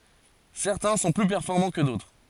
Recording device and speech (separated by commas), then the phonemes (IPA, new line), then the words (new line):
forehead accelerometer, read sentence
sɛʁtɛ̃ sɔ̃ ply pɛʁfɔʁmɑ̃ kə dotʁ
Certains sont plus performants que d'autres.